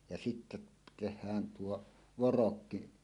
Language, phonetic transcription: Finnish, ja 'sittä teh̆hään 'tuo , "vorokki .
- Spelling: ja sitten tehdään tuo vorokki

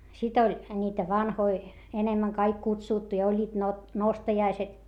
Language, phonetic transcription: Finnish, sit ‿oĺ , niitä vanhoi , enemmäŋ kaik kutsùttu ja oĺĺiit nostajaiset .
- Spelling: sitten oli niitä vanhoja enemmän kaikki kutsuttu ja olivat nostajaiset

